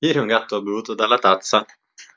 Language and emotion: Italian, happy